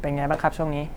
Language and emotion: Thai, neutral